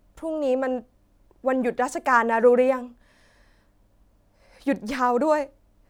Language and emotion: Thai, frustrated